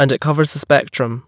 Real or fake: real